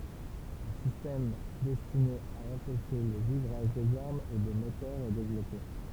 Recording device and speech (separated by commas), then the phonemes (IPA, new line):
temple vibration pickup, read sentence
œ̃ sistɛm dɛstine a ɑ̃pɛʃe lə ʒivʁaʒ dez aʁmz e de motœʁz ɛ devlɔpe